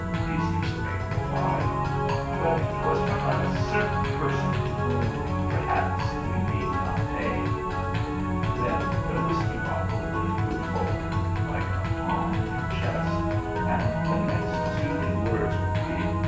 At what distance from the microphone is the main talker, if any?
9.8 m.